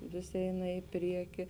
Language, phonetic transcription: Lithuanian, ˈvis ˈeina i ˈprieki

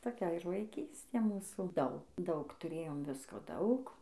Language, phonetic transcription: Lithuanian, toˈkia ir vaiˈkystė ˈmūsų ˈdaug ˈdaug tuˈrėjom ˈvisko ˈdaug

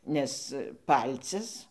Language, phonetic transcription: Lithuanian, ˈnes ˈpalcis

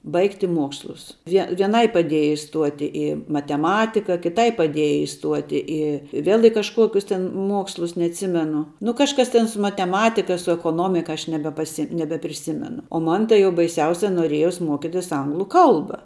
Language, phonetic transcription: Lithuanian, ˈbaigti ˈmuokslus vie vieˈnai paˈdieja iˈstuoti i mateˈmatika kiˈtai paˈdieja iˈstuoti ˈi ˈvėl i kažˈkuokius tin ˈmuokslus neatˈsimenu nu kažˈkas ten su mateˈmatika su ekoˈnomika ˈaš nebepaˈsi nebepriˈsimenu o ˈman tai jau baiˈsiausia noˈriejos ˈmokitis ˈanglu ˈkalba

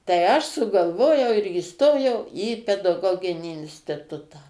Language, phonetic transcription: Lithuanian, tai ˈaš sugalˈvojau ir įˈstojau į pedaˈgoginį instiˈtutą

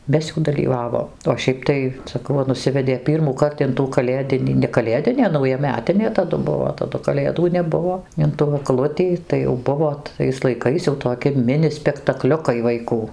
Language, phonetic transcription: Lithuanian, ˈmes jau dalyˈvavom o ˈšiaip tai saˈkau ˈva nuˈsivedė ˌpyrmųˈkart in tų kaˈlėdinį ne kaˈlėdinė naujaˈmetinė taˈdu ˈbuvo taˈdu kaˈlėdų neˈbuvo in tų agˈlutį tai jau ˈbuvo tais laiˈkais jau toˈki ˈmini spektaˈkliukai vaiˈkų

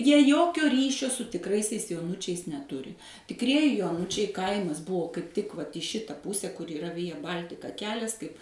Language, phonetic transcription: Lithuanian, jie ˈjokio ˈryšio su tikˈraisiais joˈunučiais neˈturi tikˈrieji joˈnučiai ˈkaimas ˈbuvo kaip tik ˈvat į ˈšita ˈpuse kur yˈra ˈvija ˈbal'tika ˈkelias kaip

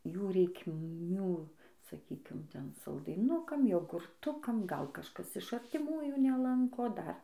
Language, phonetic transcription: Lithuanian, ˈjų reikˈmių saˈkykim ˈten saldaiˈnukam jogurˈtukam ˈgal kažˈkas iš artiˈmųjų neˈlanko ˈdar

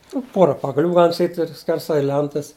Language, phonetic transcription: Lithuanian, nu ˈpora pagaˈlių ˈgalim saˈkyt' ir skerˈsai ˈlentas

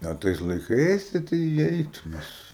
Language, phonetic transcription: Lithuanian, a ˈtais laiˈkais tai tai iˈeitu nes

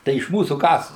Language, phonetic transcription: Lithuanian, ˈtai iš ˈmūsų ˈkas

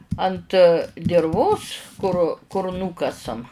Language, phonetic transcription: Lithuanian, ant dirˈvos kur kur ˈnūkasam

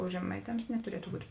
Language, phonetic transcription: Lithuanian, o žeˈmaiˌtems netuˈrietu būt'

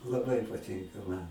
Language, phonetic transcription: Lithuanian, laˈbai paˈtinka ˈman

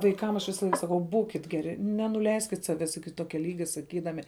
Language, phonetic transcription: Lithuanian, vaiˈkam aš visaˈlaik saˈkau ˈbūkit ˈgeri nenuˈleiskit ˈsaves iki ˈtokia ˈlygia saˈkydami

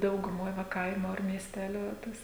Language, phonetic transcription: Lithuanian, dauguˈmoj va ˈkaimu ar miesˈteliu ˈtas

